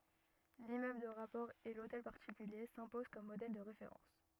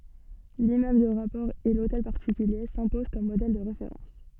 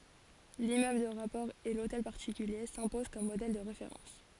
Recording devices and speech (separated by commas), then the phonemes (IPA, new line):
rigid in-ear microphone, soft in-ear microphone, forehead accelerometer, read sentence
limmøbl də ʁapɔʁ e lotɛl paʁtikylje sɛ̃pozɑ̃ kɔm modɛl də ʁefeʁɑ̃s